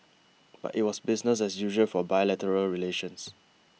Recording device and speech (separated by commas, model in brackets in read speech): mobile phone (iPhone 6), read sentence